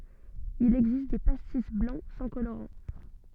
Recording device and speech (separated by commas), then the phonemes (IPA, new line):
soft in-ear microphone, read sentence
il ɛɡzist de pastis blɑ̃ sɑ̃ koloʁɑ̃